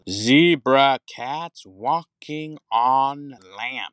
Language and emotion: English, happy